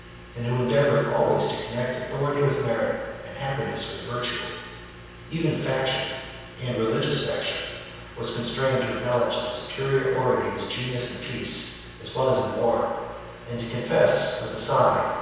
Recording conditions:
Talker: one person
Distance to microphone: 7.1 m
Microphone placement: far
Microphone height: 1.7 m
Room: very reverberant, large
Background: none

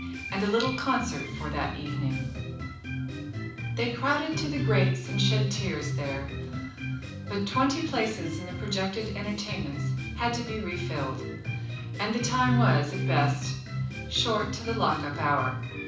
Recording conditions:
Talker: one person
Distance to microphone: 5.8 m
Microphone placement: far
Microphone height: 1.8 m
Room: medium-sized (5.7 m by 4.0 m)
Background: music

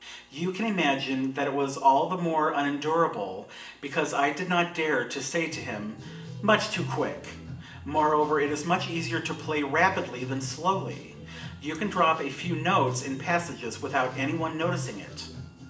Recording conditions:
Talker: one person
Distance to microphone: 1.8 m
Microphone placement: close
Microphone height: 1.0 m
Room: large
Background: music

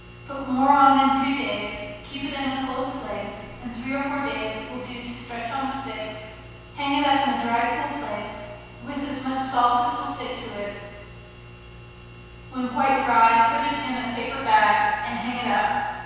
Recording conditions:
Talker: one person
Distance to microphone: 7.1 m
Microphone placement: far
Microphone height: 1.7 m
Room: very reverberant, large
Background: none

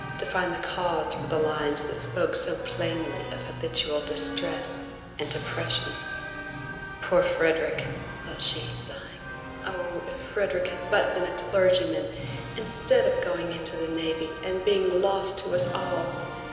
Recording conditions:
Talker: one person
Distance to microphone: 1.7 m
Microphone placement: close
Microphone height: 1.0 m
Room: very reverberant, large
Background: music

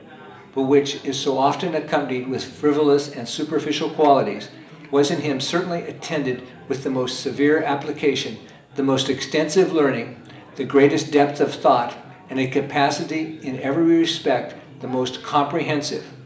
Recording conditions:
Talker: one person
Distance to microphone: 1.8 m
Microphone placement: close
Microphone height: 1.0 m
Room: large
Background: babble

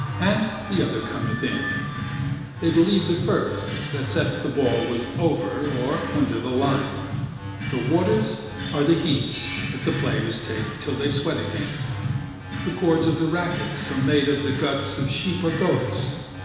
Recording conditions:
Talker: one person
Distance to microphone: 1.7 m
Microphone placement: close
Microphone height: 1.0 m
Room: very reverberant, large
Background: music

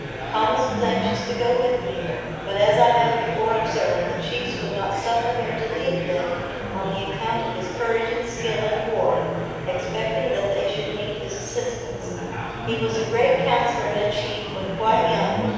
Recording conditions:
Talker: one person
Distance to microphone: 7.1 m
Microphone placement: far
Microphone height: 1.7 m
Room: very reverberant, large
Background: babble

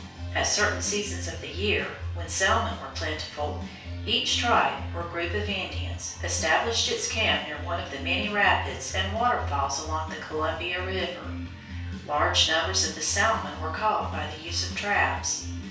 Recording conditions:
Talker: one person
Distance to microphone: 3.0 m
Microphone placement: far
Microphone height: 1.8 m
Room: small (3.7 m by 2.7 m)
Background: music

